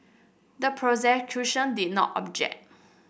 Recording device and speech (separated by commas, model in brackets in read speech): boundary microphone (BM630), read sentence